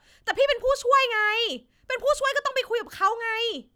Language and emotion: Thai, angry